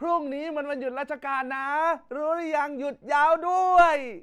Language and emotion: Thai, happy